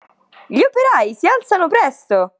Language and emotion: Italian, happy